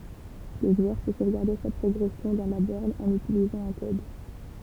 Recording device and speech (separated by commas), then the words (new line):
temple vibration pickup, read sentence
Le joueur peut sauvegarder sa progression dans la borne en utilisant un code.